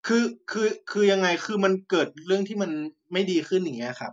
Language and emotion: Thai, frustrated